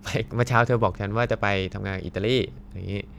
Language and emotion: Thai, happy